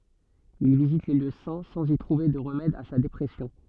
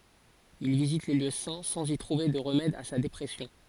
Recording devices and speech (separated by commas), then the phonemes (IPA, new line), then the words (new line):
soft in-ear microphone, forehead accelerometer, read sentence
il vizit le ljø sɛ̃ sɑ̃z i tʁuve də ʁəmɛd a sa depʁɛsjɔ̃
Il visite les lieux saints, sans y trouver de remède à sa dépression.